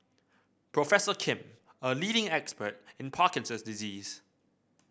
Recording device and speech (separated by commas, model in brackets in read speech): boundary microphone (BM630), read sentence